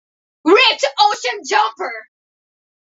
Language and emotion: English, disgusted